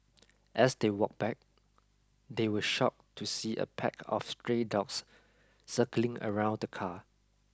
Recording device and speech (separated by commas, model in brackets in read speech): close-talking microphone (WH20), read sentence